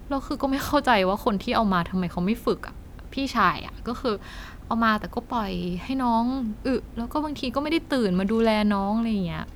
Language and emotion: Thai, frustrated